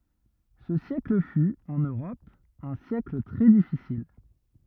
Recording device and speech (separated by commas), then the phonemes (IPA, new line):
rigid in-ear microphone, read sentence
sə sjɛkl fy ɑ̃n øʁɔp œ̃ sjɛkl tʁɛ difisil